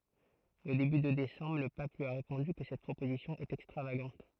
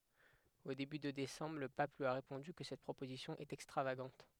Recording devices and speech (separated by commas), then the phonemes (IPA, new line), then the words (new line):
throat microphone, headset microphone, read sentence
o deby də desɑ̃bʁ lə pap lyi a ʁepɔ̃dy kə sɛt pʁopozisjɔ̃ ɛt ɛkstʁavaɡɑ̃t
Au début de décembre, le pape lui a répondu que cette proposition est extravagante.